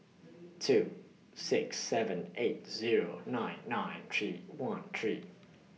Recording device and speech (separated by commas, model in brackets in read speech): mobile phone (iPhone 6), read sentence